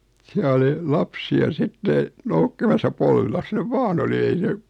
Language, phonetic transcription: Finnish, 'siä oli , 'lapsi₍a 'sitte , noukkimasa 'polvilas nev 'vaan ‿oli ei 'se ,.
- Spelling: siellä oli lapsia sitten noukkimassa polvillansa ne vain oli ei se

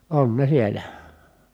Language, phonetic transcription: Finnish, on ne sielä .
- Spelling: on ne siellä

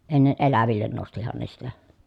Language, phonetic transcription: Finnish, enne ʼelävillen nostihan ne sitä .
- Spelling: ennen eläville nostihan ne sitä

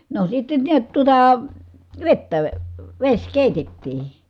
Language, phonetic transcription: Finnish, no sitten niät tuᵒta , vettä , veś kèitettii .
- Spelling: no sitten näet tuota vettä vesi keitettiin

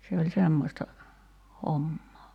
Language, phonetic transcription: Finnish, se oĺ 'semmosta , 'hommoo .
- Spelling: se oli semmoista hommaa

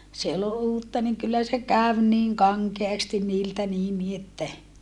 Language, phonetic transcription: Finnish, se ol uutta niŋ kyllä se käv niiŋ kaŋkeastin niiltä niin ni että .
- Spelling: se oli uutta niin kyllä se kävi niin kankeasti niiltä niin niin että

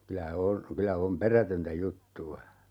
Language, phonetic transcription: Finnish, 'kylä "on , 'kylä 'om "perätöntä 'juttu₍a .
- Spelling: kyllä on kyllä on perätöntä juttua

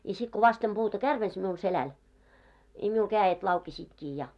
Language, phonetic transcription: Finnish, ja sit ko 'vastem 'ʙuuta "kärvens miul 'selän , i miul 'kääjet laukesiitkii ja .
- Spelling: ja sitten kun vasten puuta kärvensi minulla selän i minulla kädet laukesivatkin ja

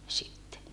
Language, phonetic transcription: Finnish, sitte .
- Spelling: sitten

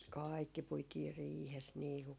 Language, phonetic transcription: Finnish, "kaikki 'puitiir "riihes nii ku ,.
- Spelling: kaikki puitiin riihessä niin kuin

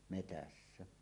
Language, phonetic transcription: Finnish, 'metässä .
- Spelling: metsässä

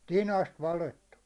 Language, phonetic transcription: Finnish, 'tinast 'valettu .
- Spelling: tinasta valettu

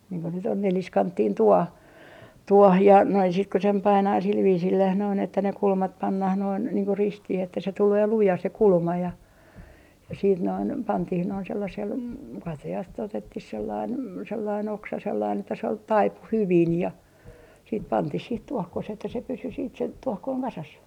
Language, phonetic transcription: Finnish, niiŋ ko nyt ‿on "neliskanttiin 'tuoh , 'tuɔh ja näi sit ku sem 'painaa sil 'viisilläh noin ‿että ne 'kulmat 'pannah noin , niiŋ ku "ristih ‿että se tulee "luja se "kulma ja , ja siit noin , 'pantih noin sellasel , 'katajas't ‿otettih sellain , sellai'n ‿oksa sellain että se ol , "taipu "hyvin ja , siit 'pantih sih 'tuohkoseh ‿että se pysy siit se , 'tuɔhkoiŋ kasas .
- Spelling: niin kun nyt on neliskanttinen tuohi tuohi ja näin sitten kun sen painaa sillä viisillään noin että ne kulmat pannaan noin niin kuin ristiin että se tulee luja se kulma ja ja sitten noin pantiin noin sellaisella katajasta otettiin sellainen sellainen oksa sellainen että se oli taipui hyvin ja sitten pantiin siihen tuokkoseen että se pysyi sitten se tuokkonen kasassa

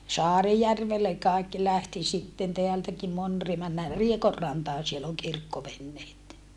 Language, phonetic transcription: Finnish, Saarijärvelle kài̮kki lähti sitten teältäki mon Ri - » männää Riekorrantaan siel ‿oŋ kirkkovenneet » .
- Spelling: Saarijärvelle kaikki lähti sitten täältäkin moni - mennään Riekonrantaan siellä on kirkkoveneet

